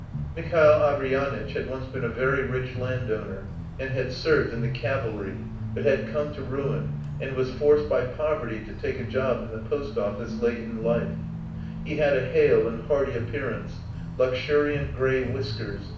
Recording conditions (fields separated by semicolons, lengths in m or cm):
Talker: one person; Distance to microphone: 5.8 m; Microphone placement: far; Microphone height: 1.8 m; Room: medium-sized (5.7 m by 4.0 m); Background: music